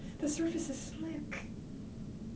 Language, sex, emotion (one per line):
English
female
fearful